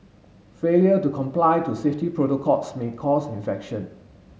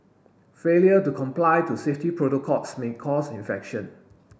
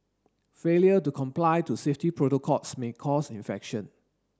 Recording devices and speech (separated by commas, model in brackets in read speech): mobile phone (Samsung S8), boundary microphone (BM630), standing microphone (AKG C214), read sentence